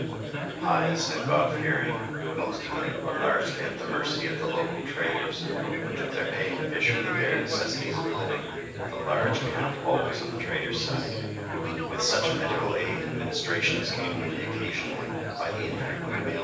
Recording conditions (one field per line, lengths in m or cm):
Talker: one person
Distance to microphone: 9.8 m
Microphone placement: far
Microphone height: 1.8 m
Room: large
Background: babble